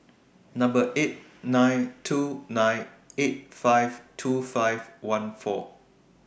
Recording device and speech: boundary microphone (BM630), read sentence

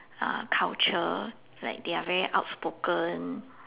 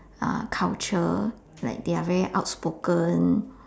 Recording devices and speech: telephone, standing microphone, conversation in separate rooms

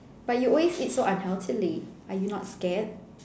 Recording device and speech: standing microphone, conversation in separate rooms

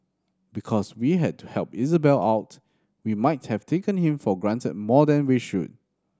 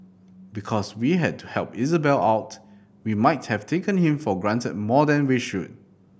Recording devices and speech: standing microphone (AKG C214), boundary microphone (BM630), read sentence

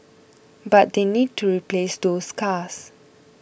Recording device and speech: boundary microphone (BM630), read sentence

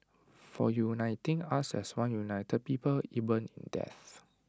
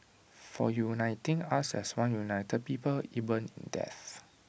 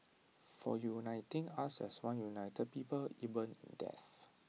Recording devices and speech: standing microphone (AKG C214), boundary microphone (BM630), mobile phone (iPhone 6), read sentence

